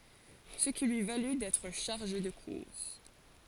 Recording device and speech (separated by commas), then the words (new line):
forehead accelerometer, read sentence
Ce qui lui valut d'être chargé de cours.